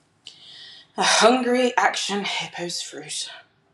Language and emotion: English, angry